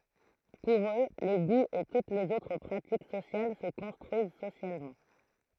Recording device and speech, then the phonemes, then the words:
throat microphone, read sentence
puʁ ø le ɡuz e tut lez otʁ pʁatik sosjal sə kɔ̃stʁyiz sosjalmɑ̃
Pour eux, les goûts et toutes les autres pratiques sociales se construisent socialement.

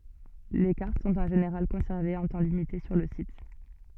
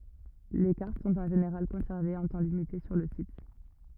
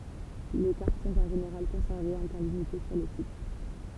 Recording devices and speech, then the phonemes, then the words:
soft in-ear microphone, rigid in-ear microphone, temple vibration pickup, read sentence
le kaʁt sɔ̃t ɑ̃ ʒeneʁal kɔ̃sɛʁvez œ̃ tɑ̃ limite syʁ lə sit
Les cartes sont en général conservées un temps limité sur le site.

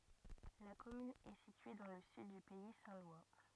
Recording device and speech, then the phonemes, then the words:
rigid in-ear microphone, read sentence
la kɔmyn ɛ sitye dɑ̃ lə syd dy pɛi sɛ̃ lwa
La commune est située dans le sud du Pays saint-lois.

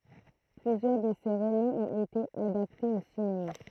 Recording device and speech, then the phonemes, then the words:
throat microphone, read sentence
plyzjœʁ də se ʁomɑ̃z ɔ̃t ete adaptez o sinema
Plusieurs de ses romans ont été adaptés au cinéma.

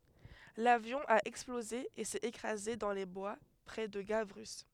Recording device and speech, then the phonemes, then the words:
headset microphone, read sentence
lavjɔ̃ a ɛksploze e sɛt ekʁaze dɑ̃ le bwa pʁɛ də ɡavʁy
L'avion a explosé et s'est écrasé dans les bois près de Gavrus.

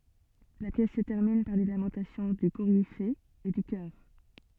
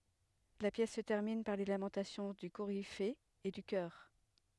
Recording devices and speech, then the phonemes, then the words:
soft in-ear microphone, headset microphone, read sentence
la pjɛs sə tɛʁmin paʁ le lamɑ̃tasjɔ̃ dy koʁife e dy kœʁ
La pièce se termine par les lamentations du Coryphée et du chœur.

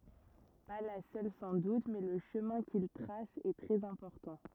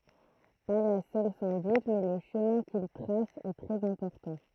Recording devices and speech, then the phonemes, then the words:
rigid in-ear microphone, throat microphone, read sentence
pa la sœl sɑ̃ dut mɛ lə ʃəmɛ̃ kil tʁas ɛ tʁɛz ɛ̃pɔʁtɑ̃
Pas la seule sans doute, mais le chemin qu'il trace est très important.

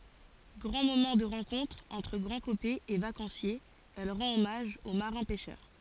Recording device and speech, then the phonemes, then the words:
forehead accelerometer, read sentence
ɡʁɑ̃ momɑ̃ də ʁɑ̃kɔ̃tʁ ɑ̃tʁ ɡʁɑ̃dkopɛz e vakɑ̃sjez ɛl ʁɑ̃t ɔmaʒ o maʁɛ̃ pɛʃœʁ
Grand moment de rencontre entre Grandcopais et vacanciers, elle rend hommage aux marins pêcheurs.

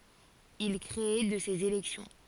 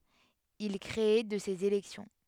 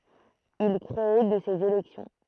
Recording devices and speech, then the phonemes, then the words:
forehead accelerometer, headset microphone, throat microphone, read sentence
il kʁe də sez elɛksjɔ̃
Il crée de ces élections.

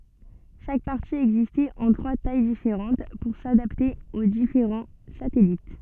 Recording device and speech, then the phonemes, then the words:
soft in-ear microphone, read sentence
ʃak paʁti ɛɡzistɛt ɑ̃ tʁwa taj difeʁɑ̃t puʁ sadapte o difeʁɑ̃ satɛlit
Chaque partie existait en trois tailles différentes pour s'adapter aux différents satellites.

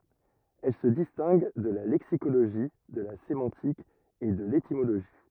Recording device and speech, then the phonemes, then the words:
rigid in-ear microphone, read sentence
ɛl sə distɛ̃ɡ də la lɛksikoloʒi də la semɑ̃tik e də letimoloʒi
Elle se distingue de la lexicologie, de la sémantique et de l'étymologie.

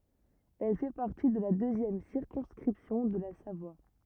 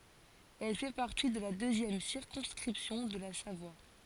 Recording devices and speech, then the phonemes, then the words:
rigid in-ear microphone, forehead accelerometer, read sentence
ɛl fɛ paʁti də la døzjɛm siʁkɔ̃skʁipsjɔ̃ də la savwa
Elle fait partie de la deuxième circonscription de la Savoie.

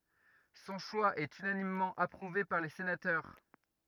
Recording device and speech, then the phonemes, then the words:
rigid in-ear microphone, read sentence
sɔ̃ ʃwa ɛt ynanimmɑ̃ apʁuve paʁ le senatœʁ
Son choix est unanimement approuvé par les sénateurs.

